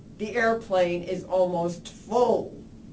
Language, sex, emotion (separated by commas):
English, female, angry